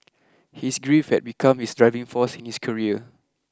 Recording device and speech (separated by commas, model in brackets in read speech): close-talking microphone (WH20), read sentence